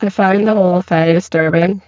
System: VC, spectral filtering